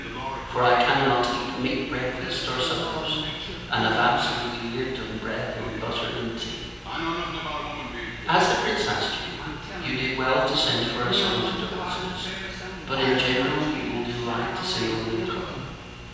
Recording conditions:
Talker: one person; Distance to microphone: 7.1 m; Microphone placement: far; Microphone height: 1.7 m; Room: very reverberant, large; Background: television

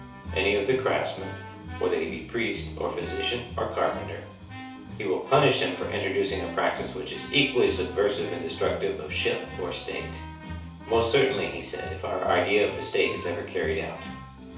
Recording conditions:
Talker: one person; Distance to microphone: 3.0 m; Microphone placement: far; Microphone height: 1.8 m; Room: small (3.7 m by 2.7 m); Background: music

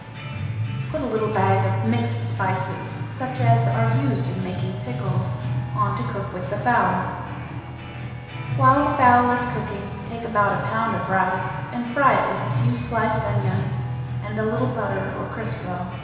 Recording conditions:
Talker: one person; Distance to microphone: 1.7 m; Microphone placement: close; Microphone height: 1.0 m; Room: very reverberant, large; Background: music

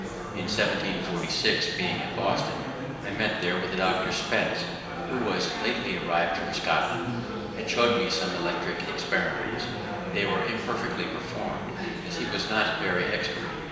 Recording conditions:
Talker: one person; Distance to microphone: 1.7 m; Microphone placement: close; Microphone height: 1.0 m; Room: very reverberant, large; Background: babble

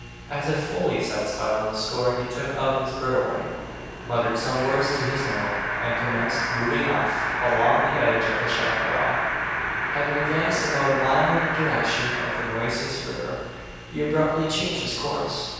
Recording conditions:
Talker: one person; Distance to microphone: 7.1 m; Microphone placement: far; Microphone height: 1.7 m; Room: very reverberant, large; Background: television

